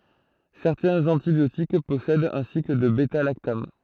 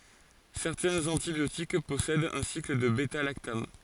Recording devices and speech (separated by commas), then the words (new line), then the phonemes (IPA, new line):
throat microphone, forehead accelerometer, read sentence
Certains antibiotiques possèdent un cycle de bêta-lactame.
sɛʁtɛ̃z ɑ̃tibjotik pɔsɛdt œ̃ sikl də bɛtalaktam